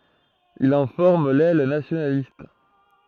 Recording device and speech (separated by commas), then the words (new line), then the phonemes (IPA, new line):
throat microphone, read sentence
Il en forme l'aile nationaliste.
il ɑ̃ fɔʁm lɛl nasjonalist